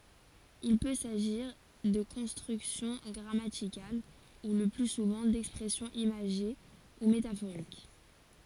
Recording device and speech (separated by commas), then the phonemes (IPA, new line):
forehead accelerometer, read sentence
il pø saʒiʁ də kɔ̃stʁyksjɔ̃ ɡʁamatikal u lə ply suvɑ̃ dɛkspʁɛsjɔ̃z imaʒe u metafoʁik